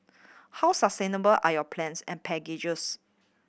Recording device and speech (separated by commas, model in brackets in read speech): boundary microphone (BM630), read sentence